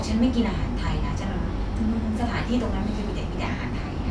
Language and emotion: Thai, frustrated